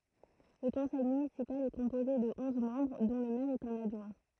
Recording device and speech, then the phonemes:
throat microphone, read sentence
lə kɔ̃sɛj mynisipal ɛ kɔ̃poze də ɔ̃z mɑ̃bʁ dɔ̃ lə mɛʁ e œ̃n adʒwɛ̃

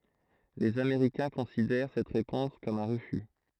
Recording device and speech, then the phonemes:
throat microphone, read sentence
lez ameʁikɛ̃ kɔ̃sidɛʁ sɛt ʁepɔ̃s kɔm œ̃ ʁəfy

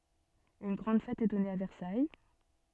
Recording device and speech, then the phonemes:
soft in-ear microphone, read sentence
yn ɡʁɑ̃d fɛt ɛ dɔne a vɛʁsaj

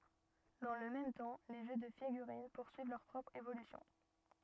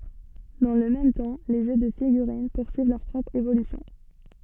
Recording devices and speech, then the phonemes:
rigid in-ear microphone, soft in-ear microphone, read sentence
dɑ̃ lə mɛm tɑ̃ le ʒø də fiɡyʁin puʁsyiv lœʁ pʁɔpʁ evolysjɔ̃

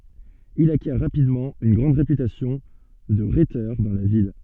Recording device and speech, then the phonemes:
soft in-ear microphone, read sentence
il akjɛʁ ʁapidmɑ̃ yn ɡʁɑ̃d ʁepytasjɔ̃ də ʁetœʁ dɑ̃ la vil

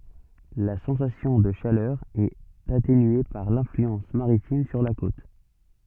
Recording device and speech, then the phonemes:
soft in-ear microphone, read sentence
la sɑ̃sasjɔ̃ də ʃalœʁ ɛt atenye paʁ lɛ̃flyɑ̃s maʁitim syʁ la kot

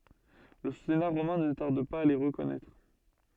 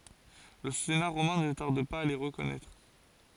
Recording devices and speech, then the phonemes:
soft in-ear microphone, forehead accelerometer, read sentence
lə sena ʁomɛ̃ nə taʁd paz a le ʁəkɔnɛtʁ

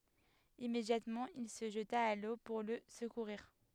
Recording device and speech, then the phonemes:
headset microphone, read sentence
immedjatmɑ̃ il sə ʒəta a lo puʁ lə səkuʁiʁ

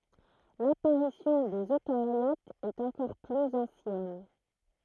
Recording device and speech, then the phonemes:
throat microphone, read sentence
lapaʁisjɔ̃ dez økaʁjotz ɛt ɑ̃kɔʁ plyz ɑ̃sjɛn

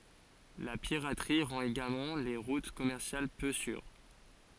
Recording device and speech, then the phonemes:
forehead accelerometer, read sentence
la piʁatʁi ʁɑ̃t eɡalmɑ̃ le ʁut kɔmɛʁsjal pø syʁ

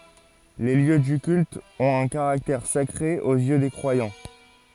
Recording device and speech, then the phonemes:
forehead accelerometer, read sentence
le ljø dy kylt ɔ̃t œ̃ kaʁaktɛʁ sakʁe oz jø de kʁwajɑ̃

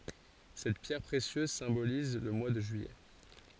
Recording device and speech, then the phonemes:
forehead accelerometer, read sentence
sɛt pjɛʁ pʁesjøz sɛ̃boliz lə mwa də ʒyijɛ

